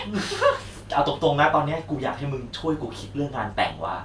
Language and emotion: Thai, happy